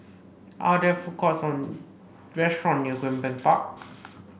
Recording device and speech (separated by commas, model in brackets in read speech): boundary microphone (BM630), read sentence